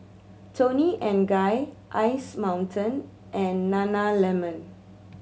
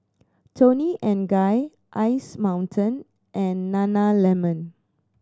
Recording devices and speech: mobile phone (Samsung C7100), standing microphone (AKG C214), read sentence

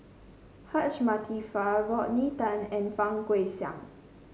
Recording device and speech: mobile phone (Samsung C5), read sentence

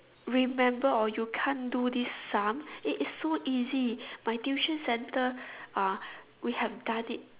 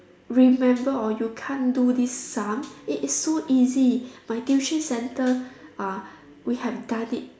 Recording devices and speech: telephone, standing microphone, conversation in separate rooms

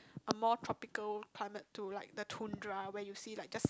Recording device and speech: close-talking microphone, conversation in the same room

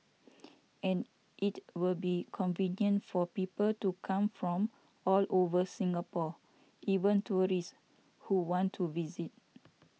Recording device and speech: mobile phone (iPhone 6), read sentence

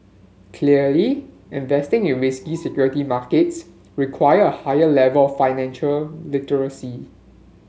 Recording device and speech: mobile phone (Samsung S8), read sentence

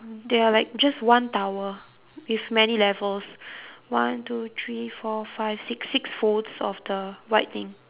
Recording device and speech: telephone, conversation in separate rooms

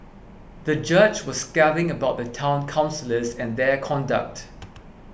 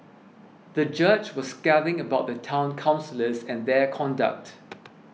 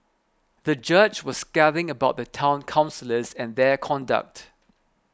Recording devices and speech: boundary microphone (BM630), mobile phone (iPhone 6), close-talking microphone (WH20), read sentence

